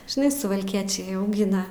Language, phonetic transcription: Lithuanian, žiˈnai suvalˈkiečiai auˈgina

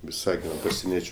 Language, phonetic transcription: Lithuanian, viˈsagino paseˈniečiu

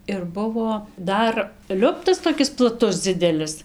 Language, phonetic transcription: Lithuanian, ir ˈbuvo ˈdar ˈliuptas toˈkis plaˈtus ˈdzidelis

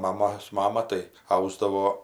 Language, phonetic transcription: Lithuanian, maˈmos ˈmama tai ˈausdavo

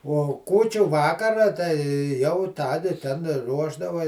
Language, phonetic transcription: Lithuanian, ˈuo ˈkūčiu ˈvakara tai ˈjau ˈtadi ten ˈruošdava

